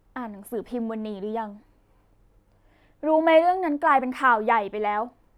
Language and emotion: Thai, frustrated